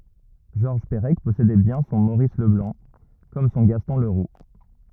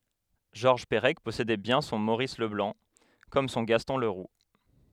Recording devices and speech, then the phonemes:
rigid in-ear microphone, headset microphone, read sentence
ʒɔʁʒ pəʁɛk pɔsedɛ bjɛ̃ sɔ̃ moʁis ləblɑ̃ kɔm sɔ̃ ɡastɔ̃ ləʁu

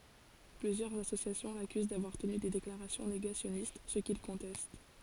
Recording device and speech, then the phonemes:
forehead accelerometer, read sentence
plyzjœʁz asosjasjɔ̃ lakyz davwaʁ təny de deklaʁasjɔ̃ neɡasjɔnist sə kil kɔ̃tɛst

